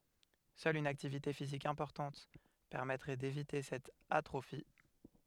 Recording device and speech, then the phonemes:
headset microphone, read sentence
sœl yn aktivite fizik ɛ̃pɔʁtɑ̃t pɛʁmɛtʁɛ devite sɛt atʁofi

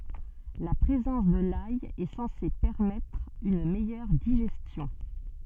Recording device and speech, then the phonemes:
soft in-ear microphone, read sentence
la pʁezɑ̃s də laj ɛ sɑ̃se pɛʁmɛtʁ yn mɛjœʁ diʒɛstjɔ̃

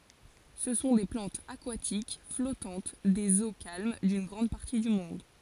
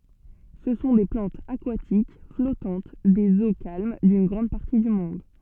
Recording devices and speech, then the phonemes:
forehead accelerometer, soft in-ear microphone, read sentence
sə sɔ̃ de plɑ̃tz akwatik flɔtɑ̃t dez o kalm dyn ɡʁɑ̃d paʁti dy mɔ̃d

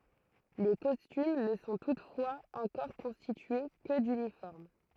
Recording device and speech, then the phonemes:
throat microphone, read sentence
le kɔstym nə sɔ̃ tutfwaz ɑ̃kɔʁ kɔ̃stitye kə dynifɔʁm

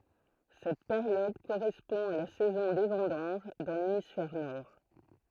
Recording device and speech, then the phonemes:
throat microphone, read sentence
sɛt peʁjɔd koʁɛspɔ̃ a la sɛzɔ̃ de vɑ̃dɑ̃ʒ dɑ̃ lemisfɛʁ nɔʁ

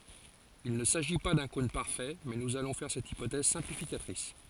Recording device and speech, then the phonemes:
forehead accelerometer, read sentence
il nə saʒi pa dœ̃ kɔ̃n paʁfɛ mɛ nuz alɔ̃ fɛʁ sɛt ipotɛz sɛ̃plifikatʁis

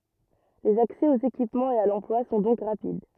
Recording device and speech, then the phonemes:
rigid in-ear microphone, read sentence
lez aksɛ oz ekipmɑ̃z e a lɑ̃plwa sɔ̃ dɔ̃k ʁapid

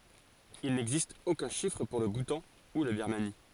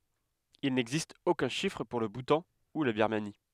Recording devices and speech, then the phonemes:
forehead accelerometer, headset microphone, read sentence
il nɛɡzist okœ̃ ʃifʁ puʁ lə butɑ̃ u la biʁmani

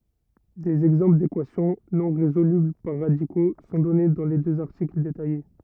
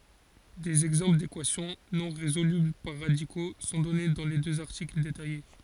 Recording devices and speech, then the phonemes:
rigid in-ear microphone, forehead accelerometer, read sentence
dez ɛɡzɑ̃pl dekwasjɔ̃ nɔ̃ ʁezolybl paʁ ʁadiko sɔ̃ dɔne dɑ̃ le døz aʁtikl detaje

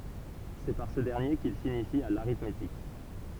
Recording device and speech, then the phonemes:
temple vibration pickup, read sentence
sɛ paʁ sə dɛʁnje kil sinisi a l aʁitmetik

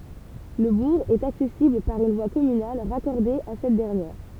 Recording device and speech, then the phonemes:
temple vibration pickup, read sentence
lə buʁ ɛt aksɛsibl paʁ yn vwa kɔmynal ʁakɔʁde a sɛt dɛʁnjɛʁ

